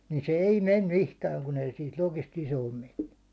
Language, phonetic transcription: Finnish, niin se "ei 'mem 'mihkääŋ kun ‿ei siit lokist 'isoom menny .
- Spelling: niin se ei mene mihinkään kun ei siitä lokista isoon mennyt

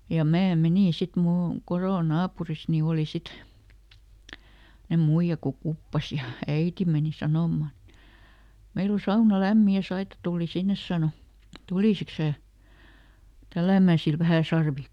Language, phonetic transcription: Finnish, ja ˈmää ˈmenìn ˈsit ˈmull ‿on , "korò "naapuris ni ˈòli ˈsit , [semmo]nem ˈmuiʲa ko "kuppas ja , ˈäiti mèni ˈsanomman ‿(et) , » ˈmeil ‿o "sauna "lämmi ja ˈSaita tuuli ˈsinnes » ˈsàno , » "tulìsiks sää , ˈtällä̀mä̀ sil ˈvähä ˈsarvi » .
- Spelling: ja minä menin sitten minulla on kodon naapurissa niin oli sitten semmoinen muija kun kuppasi ja äiti meni sanomaan että meillä on sauna lämmin ja Saida tuli sinne sanoi tulisitko sinä tälläämään sille vähän sarvia

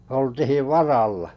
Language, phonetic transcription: Finnish, 'oltihiv "varallᴀ .
- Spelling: oltiin varalla

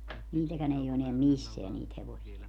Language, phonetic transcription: Finnish, 'niitäkän ‿ei o eneäm "misseä 'niit hevosia .
- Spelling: niitäkään ei ole enää missään niitä hevosia

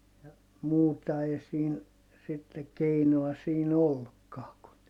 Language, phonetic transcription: Finnish, ja , muuta ei siin , sitte keinoa siin ‿ollukkaa kun , .
- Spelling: ja muuta ei siinä sitten keinoa siinä ollutkaan kuin

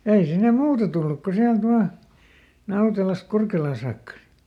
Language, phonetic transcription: Finnish, ja ˈei sinne "muuta tulluk ko ˈsiält ˈvà , ˈNautelasᵗ ˈKurkelaa saakka .
- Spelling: ja ei sinne muuta tullut kuin sieltä vain Nautelasta Kurkelaan saakka

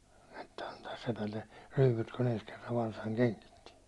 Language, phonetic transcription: Finnish, että antaas sepälle , 'ryyput ku'n ‿ens kerrav 'varsaŋ 'keŋkitti .
- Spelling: että antaa sepälle ryypyt kun ensi kerran varsan kengitti

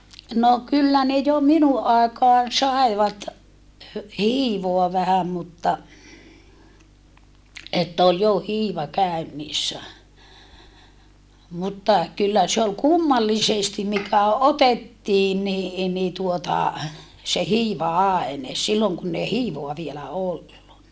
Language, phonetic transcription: Finnish, no kyllä ne jo minuʼ ʼàekaan sài̮vat , hö- , hiivoa vähäm mutta , että ol jo hiiva käönniissä , mutta , kyllä se ol kummallisestim mikä otettiin ni , ni tuota , se hiiva₍aene , silloŋ kunn ‿ei hiivoa vielä ollu(nna) .
- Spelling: no kyllä ne jo minun aikaan saivat - hiivaa vähän mutta että oli jo hiiva käynnissä mutta kyllä se oli kummallisesti mikä otettiin niin niin tuota se hiiva-aine silloin kun ei hiivaa vielä ollut

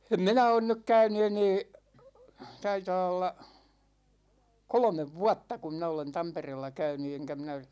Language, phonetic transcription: Finnish, em "minä 'on nyk "käyny 'enee , 'taitaa olla , 'kolᵒmev "vuatta ku 'minä olen "Tampereella 'käyny eŋkä minä ,.
- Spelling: en minä ole nyt käynyt enää taitaa olla kolme vuotta kun minä olen Tampereella käynyt enkä minä

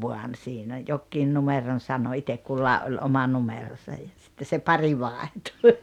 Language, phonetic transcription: Finnish, 'vuan sinä 'jokkiin 'numeron 'sano 'itek "kullàe’ ’oĺ 'oma "numerosaj ja sitte se 'pari 'vàehtᴜ .
- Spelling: vaan sinä jokin numeron sanoi itse kullakin oli oma numeronsa ja sitten se pari vaihtui

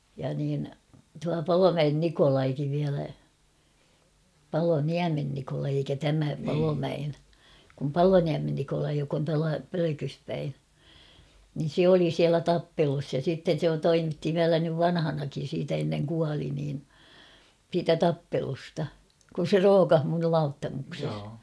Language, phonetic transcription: Finnish, ja niin tua "Palomäen "Nikolaikiv viälä , 'Palo"niämen Nikolai eikä "tämä 'Palomäen , kum "Paloniämen Nikolai jok ‿on tuala 'Pölökys päi , nin̬ "se oli siälä "tappelus ja sitten̬ se 'toimitti 'viälä nyv "vanhanakin̬ siitä enneŋ 'kuali niin , 'siitä "tappelusta , kun̬ 'se "rookah mun nyl 'Lauttamukses .
- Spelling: ja niin tuo Palomäen Nikolaikin vielä Paloniemen Nikolai eikä tämä Palomäen kun Paloniemen Nikolai joka on tuolla Pölkyssä päin niin se oli siellä tappelussa ja sitten se toimitti vielä nyt vanhanakin siitä ennen kuoli niin siitä tappelusta kun se rookasi minun nyt Lauttamuksessa

